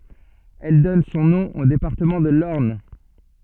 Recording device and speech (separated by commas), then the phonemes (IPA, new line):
soft in-ear microphone, read sentence
ɛl dɔn sɔ̃ nɔ̃ o depaʁtəmɑ̃ də lɔʁn